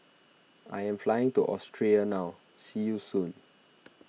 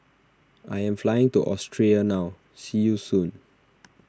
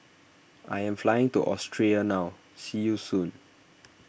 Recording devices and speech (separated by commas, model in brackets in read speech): mobile phone (iPhone 6), standing microphone (AKG C214), boundary microphone (BM630), read sentence